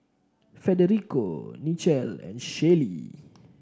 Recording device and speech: standing microphone (AKG C214), read sentence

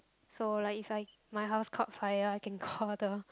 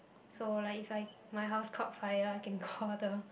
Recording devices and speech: close-talking microphone, boundary microphone, conversation in the same room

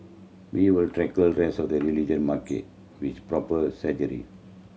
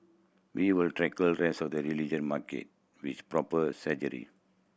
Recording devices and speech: mobile phone (Samsung C7100), boundary microphone (BM630), read sentence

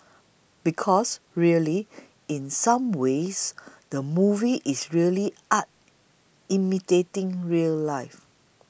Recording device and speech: boundary microphone (BM630), read sentence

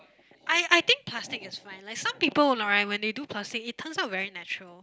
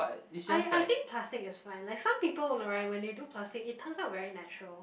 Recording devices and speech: close-talking microphone, boundary microphone, conversation in the same room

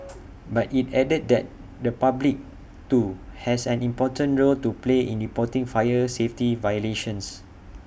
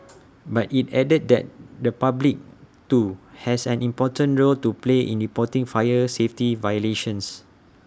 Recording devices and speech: boundary microphone (BM630), standing microphone (AKG C214), read sentence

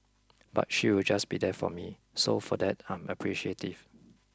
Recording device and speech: close-talking microphone (WH20), read sentence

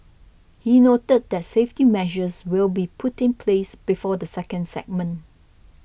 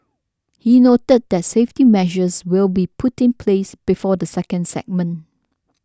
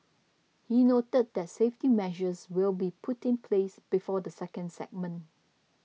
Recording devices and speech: boundary microphone (BM630), standing microphone (AKG C214), mobile phone (iPhone 6), read sentence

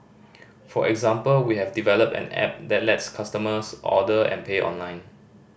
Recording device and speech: boundary microphone (BM630), read sentence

